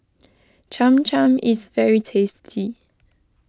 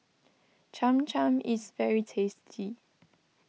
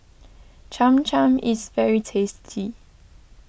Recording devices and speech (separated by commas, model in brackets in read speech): close-talking microphone (WH20), mobile phone (iPhone 6), boundary microphone (BM630), read sentence